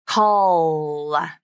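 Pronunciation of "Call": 'Call' has an extra uh vowel added after the dark L, so the word ends in a 'la' part with a light L.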